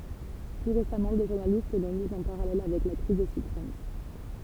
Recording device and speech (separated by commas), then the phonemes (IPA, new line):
temple vibration pickup, read sentence
ply ʁesamɑ̃ de ʒuʁnalist lɔ̃ miz ɑ̃ paʁalɛl avɛk la kʁiz de sybpʁim